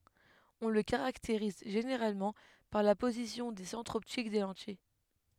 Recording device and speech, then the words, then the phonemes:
headset microphone, read sentence
On le caractérise généralement par la position des centres optiques des lentilles.
ɔ̃ lə kaʁakteʁiz ʒeneʁalmɑ̃ paʁ la pozisjɔ̃ de sɑ̃tʁz ɔptik de lɑ̃tij

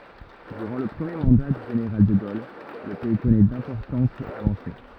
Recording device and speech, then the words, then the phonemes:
rigid in-ear microphone, read sentence
Durant le premier mandat du général de Gaulle, le pays connaît d'importantes avancées.
dyʁɑ̃ lə pʁəmje mɑ̃da dy ʒeneʁal də ɡol lə pɛi kɔnɛ dɛ̃pɔʁtɑ̃tz avɑ̃se

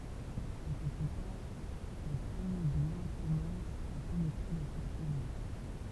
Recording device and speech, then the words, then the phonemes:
temple vibration pickup, read sentence
Un peu plus tard, les premiers Blancs commencent à pénétrer dans cette région.
œ̃ pø ply taʁ le pʁəmje blɑ̃ kɔmɑ̃st a penetʁe dɑ̃ sɛt ʁeʒjɔ̃

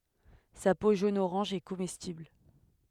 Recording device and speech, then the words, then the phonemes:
headset microphone, read sentence
Sa peau jaune-orange est comestible.
sa po ʒonəoʁɑ̃ʒ ɛ komɛstibl

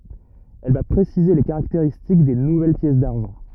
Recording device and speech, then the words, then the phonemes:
rigid in-ear microphone, read sentence
Elle va préciser les caractéristiques des nouvelles pièces d'argent.
ɛl va pʁesize le kaʁakteʁistik de nuvɛl pjɛs daʁʒɑ̃

